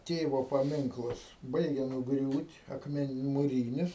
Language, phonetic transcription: Lithuanian, ˈtėvo paˈminklas ˈbaigia nuˈgriūt' akˈmen muˈrynis

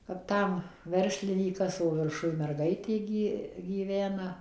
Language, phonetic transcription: Lithuanian, kap ˈtam ˈverslinykas o virˈšuj merˈgaitė ˈgi gyˈvena

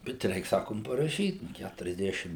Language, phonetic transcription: Lithuanian, bet ˈreik ˈsakom paraˈšyt ˌkæturiasˈdešim

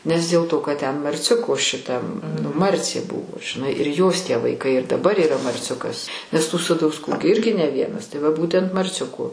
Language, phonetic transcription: Lithuanian, nes dėl ˈto kad ten marˈciuko šiˈtam nu ˈmarcė ˈbuvo žiˈnai ir jos tie vaiˈkai ir daˈbar yˈra marˈciukas nes tų sadausˈkų gi ˈirgi ne ˈvienas tai va ˈbūtent marˈciuko

